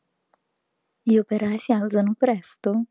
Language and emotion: Italian, surprised